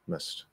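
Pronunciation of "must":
In 'must', the vowel is reduced all the way to a schwa.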